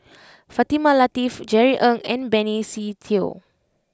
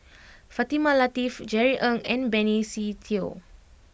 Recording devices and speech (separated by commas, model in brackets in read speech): close-talking microphone (WH20), boundary microphone (BM630), read sentence